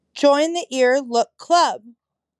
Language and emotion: English, sad